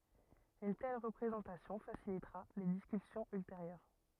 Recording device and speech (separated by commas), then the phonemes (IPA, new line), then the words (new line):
rigid in-ear microphone, read sentence
yn tɛl ʁəpʁezɑ̃tasjɔ̃ fasilitʁa le diskysjɔ̃z ylteʁjœʁ
Une telle représentation facilitera les discussions ultérieures.